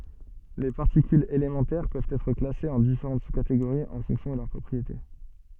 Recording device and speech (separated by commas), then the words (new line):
soft in-ear microphone, read sentence
Les particules élémentaires peuvent être classées en différentes sous-catégories en fonction de leurs propriétés.